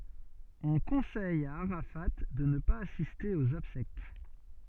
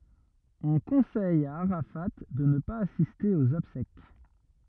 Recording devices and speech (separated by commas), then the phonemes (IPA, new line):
soft in-ear microphone, rigid in-ear microphone, read sentence
ɔ̃ kɔ̃sɛj a aʁafa də nə paz asiste oz ɔbsɛk